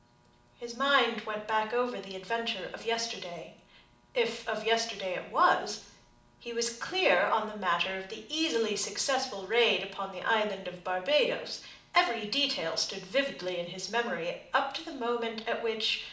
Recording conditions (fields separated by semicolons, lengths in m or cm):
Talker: one person; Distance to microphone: 2.0 m; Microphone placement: close; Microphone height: 99 cm; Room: medium-sized (5.7 m by 4.0 m); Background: none